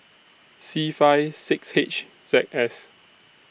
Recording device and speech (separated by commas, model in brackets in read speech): boundary microphone (BM630), read sentence